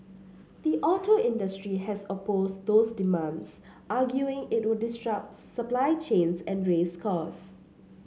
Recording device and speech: mobile phone (Samsung C7), read sentence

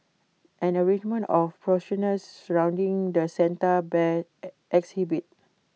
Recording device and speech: mobile phone (iPhone 6), read sentence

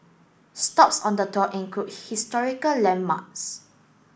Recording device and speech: boundary microphone (BM630), read sentence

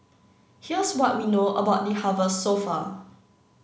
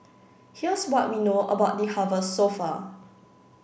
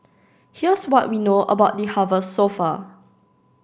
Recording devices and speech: mobile phone (Samsung C9), boundary microphone (BM630), standing microphone (AKG C214), read sentence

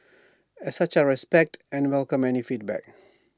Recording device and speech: standing microphone (AKG C214), read sentence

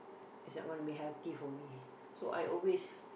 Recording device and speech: boundary microphone, conversation in the same room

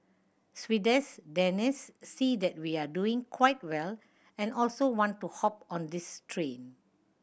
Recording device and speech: boundary microphone (BM630), read sentence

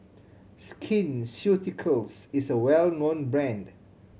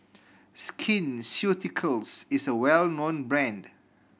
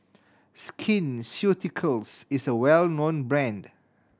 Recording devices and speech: mobile phone (Samsung C7100), boundary microphone (BM630), standing microphone (AKG C214), read sentence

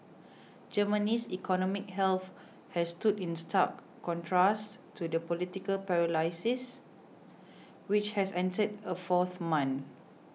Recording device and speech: mobile phone (iPhone 6), read sentence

